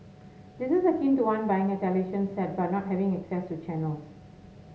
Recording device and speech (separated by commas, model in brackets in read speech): mobile phone (Samsung S8), read sentence